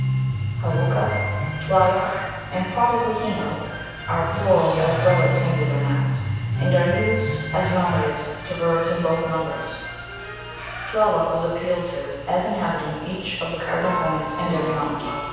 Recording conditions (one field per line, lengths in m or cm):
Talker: one person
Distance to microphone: 7.1 m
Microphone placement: far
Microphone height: 1.7 m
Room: very reverberant, large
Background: music